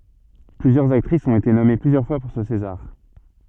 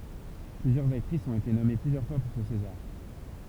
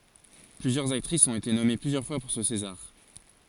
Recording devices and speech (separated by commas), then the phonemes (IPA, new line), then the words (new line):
soft in-ear microphone, temple vibration pickup, forehead accelerometer, read sentence
plyzjœʁz aktʁisz ɔ̃t ete nɔme plyzjœʁ fwa puʁ sə sezaʁ
Plusieurs actrices ont été nommées plusieurs fois pour ce César.